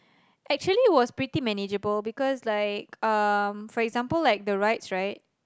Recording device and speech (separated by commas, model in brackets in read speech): close-talking microphone, conversation in the same room